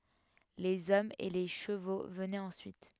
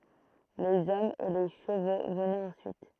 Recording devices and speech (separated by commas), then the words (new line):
headset microphone, throat microphone, read sentence
Les hommes et les chevaux venaient ensuite.